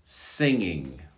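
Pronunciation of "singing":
The word is said as 'singing', not as 'sinning'.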